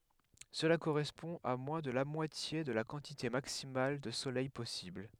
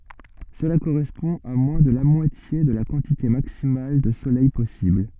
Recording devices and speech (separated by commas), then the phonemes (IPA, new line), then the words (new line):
headset microphone, soft in-ear microphone, read sentence
səla koʁɛspɔ̃ a mwɛ̃ də la mwatje də la kɑ̃tite maksimal də solɛj pɔsibl
Cela correspond à moins de la moitié de la quantité maximale de soleil possible.